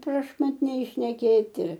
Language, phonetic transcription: Lithuanian, prašmatˈniai šneˈkėti

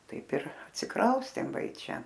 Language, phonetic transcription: Lithuanian, ˈtaip ir atsiˈkraustėm ˈva i ˈčia

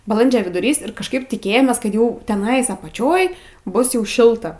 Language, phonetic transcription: Lithuanian, baˈlandžio viduˈrys ir kažˈkaip tiˈkėjomės ˈkad ˈjau teˈnais apaˈčioj ˈbus jau ˈšilta

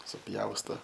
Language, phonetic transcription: Lithuanian, suˈpjausto

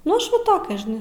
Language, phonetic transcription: Lithuanian, nu ˈaš ˈva ˈtokia žiˈnai

